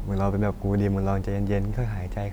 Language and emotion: Thai, neutral